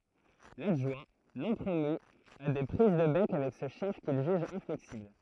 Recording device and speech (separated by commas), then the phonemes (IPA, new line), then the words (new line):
throat microphone, read sentence
ladʒwɛ̃ nɔ̃ pʁomy a de pʁiz də bɛk avɛk sə ʃɛf kil ʒyʒ ɛ̃flɛksibl
L'adjoint, non promu, a des prises de bec avec ce chef qu'il juge inflexible.